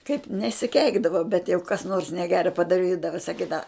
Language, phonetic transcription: Lithuanian, kaip nesiˈkeikdava bet jau kas ˈnors neˈgera padaˈrydava saˈkydava

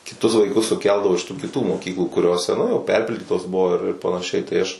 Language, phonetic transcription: Lithuanian, kiˈtus vaiˈkus suˈkeldavo iš tų kiˈtų moˈkyklų kuˈriose ˈnu jau ˈperpildytos ˈbuvo ir ir panaˈšiai tai ˈaš

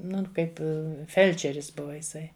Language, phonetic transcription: Lithuanian, ˈnun ˈkaip i ˈfelčeris ˈbuva iˈsai

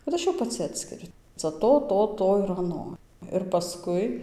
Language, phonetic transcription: Lithuanian, kad ˈaš jau paˈci ˈatskiriu ˈca ˈto ˈto ˈto ir aˈno ir paˈskui

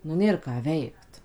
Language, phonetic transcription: Lithuanian, nu ˈnėr ką ˈveikt

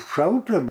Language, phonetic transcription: Lithuanian, ˈšalta

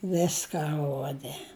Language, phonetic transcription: Lithuanian, ˈviska ˈruode

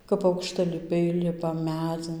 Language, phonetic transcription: Lithuanian, kap aukštaliˈpiai ˈlipa ˈmædzin

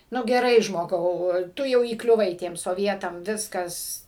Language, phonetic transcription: Lithuanian, ˈnu geˈrai žmoˈgau ˈtu jau įkliuˈvai ˈtiem soˈvietam ˈviskas

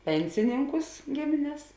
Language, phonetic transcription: Lithuanian, ˈpensininkus ˈgimines

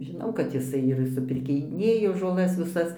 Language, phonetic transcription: Lithuanian, žiˈnau kad jiˈsai ir supirkiˈnėjo žoˈlas viˈsas

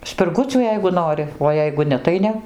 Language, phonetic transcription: Lithuanian, spirˈgucių ˈjeigu ˈnori o ˈjeigu ˈne tai ˈne

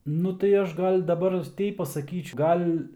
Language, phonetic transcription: Lithuanian, ˈnu tai ˈaš ˈgal' daˈbar ˈteip pasaˈkyč ˈgal'

